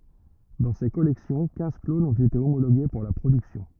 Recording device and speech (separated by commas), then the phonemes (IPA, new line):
rigid in-ear microphone, read sentence
dɑ̃ se kɔlɛksjɔ̃ kɛ̃z klonz ɔ̃t ete omoloɡe puʁ la pʁodyksjɔ̃